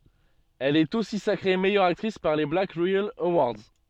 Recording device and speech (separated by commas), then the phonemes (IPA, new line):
soft in-ear microphone, read sentence
ɛl ɛt osi sakʁe mɛjœʁ aktʁis paʁ le blak ʁeɛl əwaʁdz